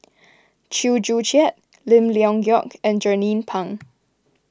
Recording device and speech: close-talking microphone (WH20), read sentence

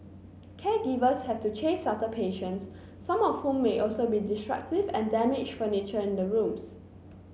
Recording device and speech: mobile phone (Samsung C9), read sentence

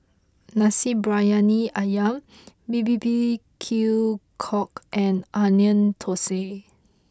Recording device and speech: close-talking microphone (WH20), read sentence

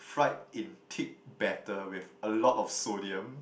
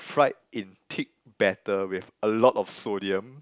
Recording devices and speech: boundary microphone, close-talking microphone, conversation in the same room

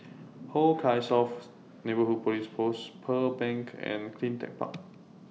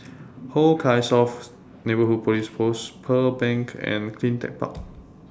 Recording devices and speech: mobile phone (iPhone 6), standing microphone (AKG C214), read sentence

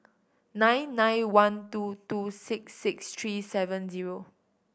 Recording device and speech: boundary microphone (BM630), read sentence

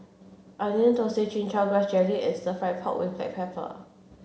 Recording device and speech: mobile phone (Samsung C7), read sentence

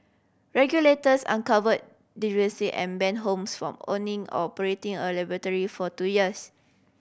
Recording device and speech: boundary microphone (BM630), read sentence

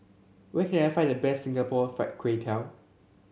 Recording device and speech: mobile phone (Samsung C7), read sentence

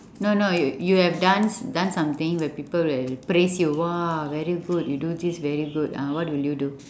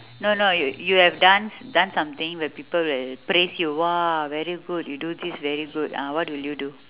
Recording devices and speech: standing microphone, telephone, conversation in separate rooms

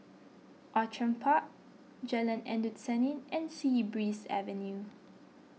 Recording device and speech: mobile phone (iPhone 6), read sentence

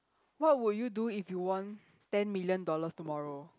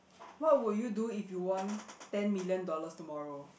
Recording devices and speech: close-talking microphone, boundary microphone, conversation in the same room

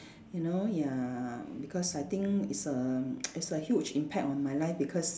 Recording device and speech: standing microphone, conversation in separate rooms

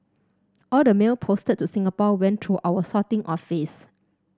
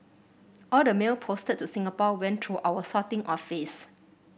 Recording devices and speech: standing microphone (AKG C214), boundary microphone (BM630), read sentence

